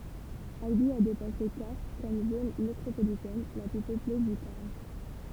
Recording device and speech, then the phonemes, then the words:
temple vibration pickup, read sentence
albi a depase kastʁ kɔm zon metʁopolitɛn la ply pøple dy taʁn
Albi a dépassé Castres comme zone métropolitaine la plus peuplée du Tarn.

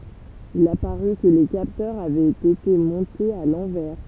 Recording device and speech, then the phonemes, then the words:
temple vibration pickup, read sentence
il apaʁy kə le kaptœʁz avɛt ete mɔ̃tez a lɑ̃vɛʁ
Il apparut que les capteurs avaient été montés à l'envers.

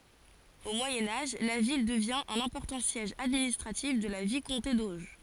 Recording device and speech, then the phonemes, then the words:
forehead accelerometer, read sentence
o mwajɛ̃ aʒ la vil dəvjɛ̃ œ̃n ɛ̃pɔʁtɑ̃ sjɛʒ administʁatif də la vikɔ̃te doʒ
Au Moyen Âge, la ville devient un important siège administratif de la vicomté d’Auge.

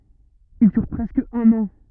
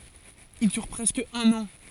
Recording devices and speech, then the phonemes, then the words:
rigid in-ear microphone, forehead accelerometer, read sentence
il dyʁ pʁɛskə œ̃n ɑ̃
Il dure presque un an.

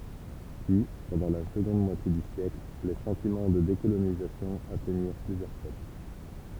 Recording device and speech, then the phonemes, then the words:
temple vibration pickup, read sentence
pyi pɑ̃dɑ̃ la səɡɔ̃d mwatje dy sjɛkl le sɑ̃timɑ̃ də dekolonizasjɔ̃ atɛɲiʁ plyzjœʁ pøpl
Puis, pendant la seconde moitié du siècle, les sentiments de décolonisation atteignirent plusieurs peuples.

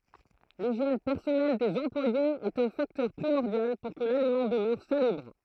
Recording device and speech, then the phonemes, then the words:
throat microphone, read sentence
liʒjɛn pɛʁsɔnɛl dez ɑ̃plwajez ɛt œ̃ faktœʁ pʁimɔʁdjal puʁ kə lalimɑ̃ dəmœʁ salybʁ
L'hygiène personnelle des employés est un facteur primordial pour que l'aliment demeure salubre.

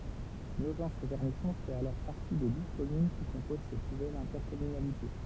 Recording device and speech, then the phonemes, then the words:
temple vibration pickup, read sentence
noʒɑ̃tsyʁvɛʁnisɔ̃ fɛt alɔʁ paʁti de duz kɔmyn ki kɔ̃poz sɛt nuvɛl ɛ̃tɛʁkɔmynalite
Nogent-sur-Vernisson fait alors partie des douze communes qui composent cette nouvelle intercommunalité.

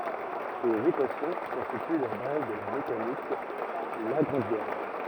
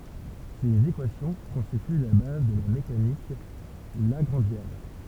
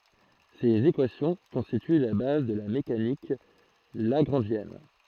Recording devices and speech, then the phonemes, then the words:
rigid in-ear microphone, temple vibration pickup, throat microphone, read sentence
sez ekwasjɔ̃ kɔ̃stity la baz də la mekanik laɡʁɑ̃ʒjɛn
Ces équations constituent la base de la mécanique lagrangienne.

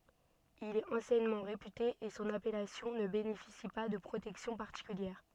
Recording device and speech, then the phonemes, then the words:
soft in-ear microphone, read sentence
il ɛt ɑ̃sjɛnmɑ̃ ʁepyte e sɔ̃n apɛlasjɔ̃ nə benefisi pa də pʁotɛksjɔ̃ paʁtikyljɛʁ
Il est anciennement réputé et son appellation ne bénéficie pas de protection particulière.

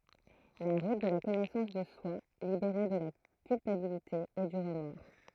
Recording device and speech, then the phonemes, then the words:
throat microphone, read sentence
la ʁut də la kɔnɛsɑ̃s də swa libeʁe də la kylpabilite e dy ʁəmɔʁ
La route de la connaissance de soi, libérée de la culpabilité et du remords.

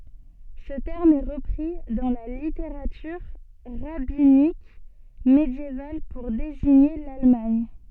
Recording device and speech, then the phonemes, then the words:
soft in-ear microphone, read sentence
sə tɛʁm ɛ ʁəpʁi dɑ̃ la liteʁatyʁ ʁabinik medjeval puʁ deziɲe lalmaɲ
Ce terme est repris dans la littérature rabbinique médiévale pour désigner l'Allemagne.

